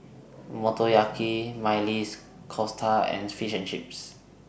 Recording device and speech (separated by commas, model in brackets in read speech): boundary microphone (BM630), read sentence